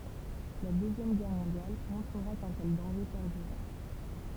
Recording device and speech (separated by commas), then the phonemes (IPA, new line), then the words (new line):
temple vibration pickup, read sentence
la døzjɛm ɡɛʁ mɔ̃djal mɔ̃tʁəʁa kœ̃ tɛl dɑ̃ʒe pɛʁdyʁɛ
La Deuxième Guerre mondiale montrera qu'un tel danger perdurait.